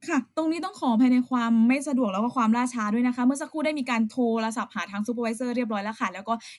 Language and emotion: Thai, neutral